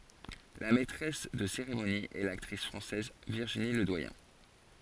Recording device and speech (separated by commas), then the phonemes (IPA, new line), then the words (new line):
forehead accelerometer, read sentence
la mɛtʁɛs də seʁemoni ɛ laktʁis fʁɑ̃sɛz viʁʒini lədwajɛ̃
La maîtresse de cérémonie est l'actrice française Virginie Ledoyen.